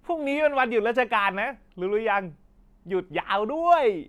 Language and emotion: Thai, happy